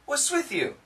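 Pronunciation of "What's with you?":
In 'What's with you?', there is no T sound in 'what's', and the th sound connects.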